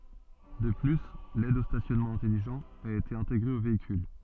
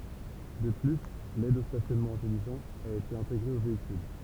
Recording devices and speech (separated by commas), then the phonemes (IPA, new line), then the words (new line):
soft in-ear microphone, temple vibration pickup, read sentence
də ply lɛd o stasjɔnmɑ̃ ɛ̃tɛliʒɑ̃t a ete ɛ̃teɡʁe o veikyl
De plus, l'aide au stationnement intelligent a été intégré au véhicule.